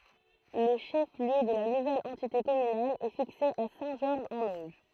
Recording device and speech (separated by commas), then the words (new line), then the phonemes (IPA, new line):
throat microphone, read sentence
Le chef-lieu de la nouvelle entité communale est fixé à Saint-Georges-en-Auge.
lə ʃɛf ljø də la nuvɛl ɑ̃tite kɔmynal ɛ fikse a sɛ̃ ʒɔʁʒ ɑ̃n oʒ